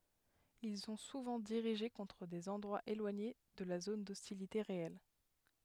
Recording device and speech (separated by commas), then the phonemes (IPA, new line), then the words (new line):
headset microphone, read sentence
il sɔ̃ suvɑ̃ diʁiʒe kɔ̃tʁ dez ɑ̃dʁwaz elwaɲe də la zon dɔstilite ʁeɛl
Ils sont souvent dirigés contre des endroits éloignés de la zone d'hostilité réelle.